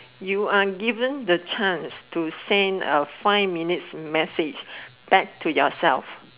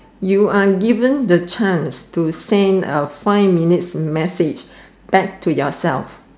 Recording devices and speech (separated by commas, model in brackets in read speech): telephone, standing microphone, conversation in separate rooms